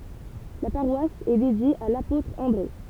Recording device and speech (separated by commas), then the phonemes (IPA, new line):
temple vibration pickup, read sentence
la paʁwas ɛ dedje a lapotʁ ɑ̃dʁe